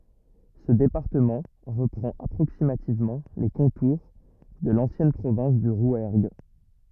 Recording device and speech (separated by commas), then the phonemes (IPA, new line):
rigid in-ear microphone, read sentence
sə depaʁtəmɑ̃ ʁəpʁɑ̃t apʁoksimativmɑ̃ le kɔ̃tuʁ də lɑ̃sjɛn pʁovɛ̃s dy ʁwɛʁɡ